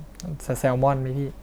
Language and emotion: Thai, neutral